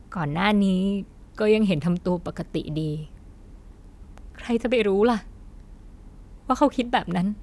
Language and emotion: Thai, sad